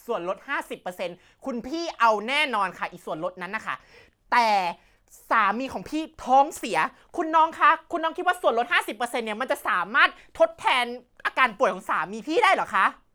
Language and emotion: Thai, angry